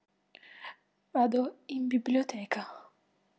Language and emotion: Italian, fearful